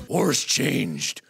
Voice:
Gruff voice